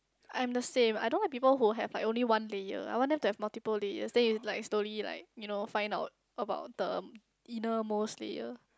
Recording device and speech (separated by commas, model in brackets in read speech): close-talking microphone, conversation in the same room